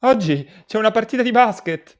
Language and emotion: Italian, fearful